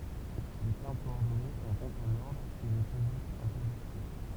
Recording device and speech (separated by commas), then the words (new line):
temple vibration pickup, read sentence
Les termes coordonnés ont donc un ordre et ne peuvent être intervertis.